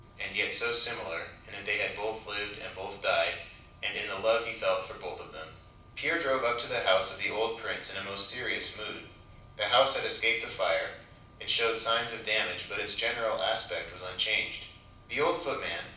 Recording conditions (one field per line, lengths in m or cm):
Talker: one person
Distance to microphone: 5.8 m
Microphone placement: far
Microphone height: 1.8 m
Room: medium-sized (5.7 m by 4.0 m)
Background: none